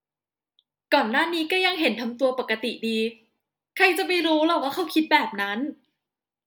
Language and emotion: Thai, frustrated